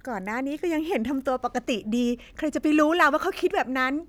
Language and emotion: Thai, happy